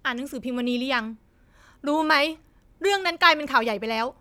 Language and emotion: Thai, angry